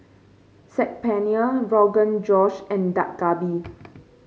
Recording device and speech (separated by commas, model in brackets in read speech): mobile phone (Samsung C5), read sentence